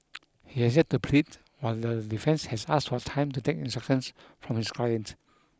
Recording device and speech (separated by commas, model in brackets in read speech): close-talking microphone (WH20), read sentence